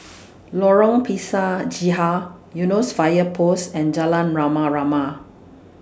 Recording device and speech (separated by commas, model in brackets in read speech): standing microphone (AKG C214), read sentence